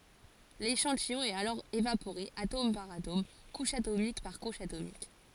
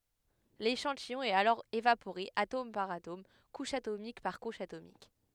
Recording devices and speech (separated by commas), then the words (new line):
forehead accelerometer, headset microphone, read sentence
L'échantillon est alors évaporé atome par atome, couche atomique par couche atomique.